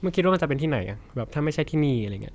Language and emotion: Thai, neutral